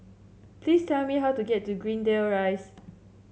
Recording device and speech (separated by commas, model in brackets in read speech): mobile phone (Samsung C7), read sentence